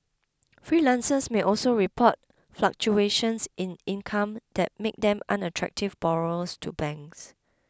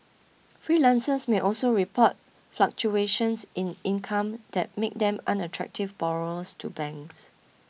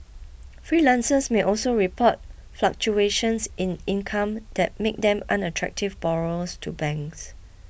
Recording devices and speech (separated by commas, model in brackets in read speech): close-talking microphone (WH20), mobile phone (iPhone 6), boundary microphone (BM630), read sentence